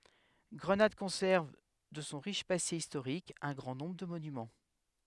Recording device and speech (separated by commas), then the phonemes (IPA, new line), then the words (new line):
headset microphone, read sentence
ɡʁənad kɔ̃sɛʁv də sɔ̃ ʁiʃ pase istoʁik œ̃ ɡʁɑ̃ nɔ̃bʁ də monymɑ̃
Grenade conserve de son riche passé historique un grand nombre de monuments.